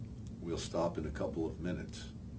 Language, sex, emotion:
English
male
neutral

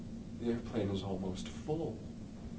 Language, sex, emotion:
English
male
neutral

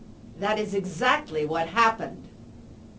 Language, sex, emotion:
English
female
angry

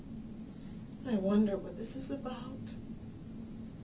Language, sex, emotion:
English
female
sad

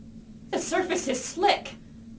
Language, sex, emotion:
English
female
fearful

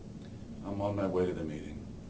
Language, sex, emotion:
English
male
neutral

